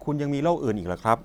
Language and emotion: Thai, neutral